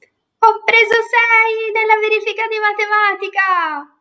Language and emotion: Italian, happy